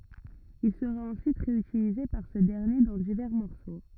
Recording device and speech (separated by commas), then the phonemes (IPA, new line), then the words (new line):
rigid in-ear microphone, read sentence
il səʁa ɑ̃syit ʁeytilize paʁ sə dɛʁnje dɑ̃ divɛʁ mɔʁso
Il sera ensuite réutilisé par ce dernier dans divers morceaux.